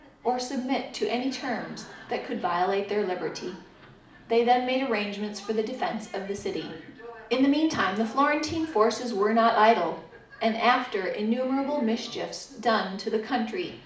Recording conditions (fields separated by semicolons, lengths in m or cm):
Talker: one person; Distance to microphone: 2.0 m; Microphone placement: close; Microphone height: 99 cm; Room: medium-sized (5.7 m by 4.0 m); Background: television